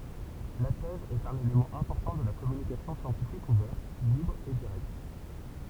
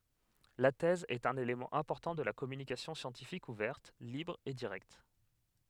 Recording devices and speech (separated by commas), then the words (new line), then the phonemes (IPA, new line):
temple vibration pickup, headset microphone, read sentence
La thèse est un élément important de la communication scientifique ouverte, libre et directe.
la tɛz ɛt œ̃n elemɑ̃ ɛ̃pɔʁtɑ̃ də la kɔmynikasjɔ̃ sjɑ̃tifik uvɛʁt libʁ e diʁɛkt